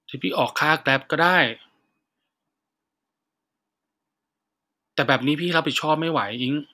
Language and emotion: Thai, frustrated